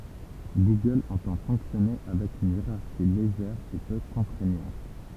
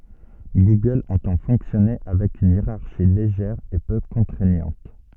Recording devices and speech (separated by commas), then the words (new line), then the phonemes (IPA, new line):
temple vibration pickup, soft in-ear microphone, read sentence
Google entend fonctionner avec une hiérarchie légère et peu contraignante.
ɡuɡœl ɑ̃tɑ̃ fɔ̃ksjɔne avɛk yn jeʁaʁʃi leʒɛʁ e pø kɔ̃tʁɛɲɑ̃t